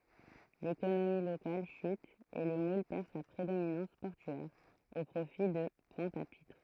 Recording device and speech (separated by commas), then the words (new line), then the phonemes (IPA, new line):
throat microphone, read sentence
L'économie locale chute et Le Moule perd sa prédominance portuaire, au profit de Pointe-à-Pitre.
lekonomi lokal ʃyt e lə mul pɛʁ sa pʁedominɑ̃s pɔʁtyɛʁ o pʁofi də pwɛ̃t a pitʁ